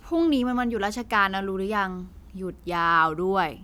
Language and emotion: Thai, frustrated